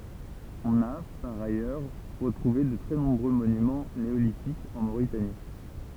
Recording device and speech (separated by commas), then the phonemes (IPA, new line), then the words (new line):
temple vibration pickup, read sentence
ɔ̃n a paʁ ajœʁ ʁətʁuve də tʁɛ nɔ̃bʁø monymɑ̃ neolitikz ɑ̃ moʁitani
On a par ailleurs retrouvé de très nombreux monuments néolithiques en Mauritanie.